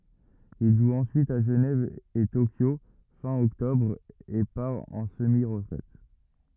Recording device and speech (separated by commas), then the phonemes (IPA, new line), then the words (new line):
rigid in-ear microphone, read sentence
il ʒu ɑ̃syit a ʒənɛv e tokjo fɛ̃ ɔktɔbʁ e paʁ ɑ̃ səmi ʁətʁɛt
Il joue ensuite à Genève et Tokyo fin octobre, et part en semi-retraite.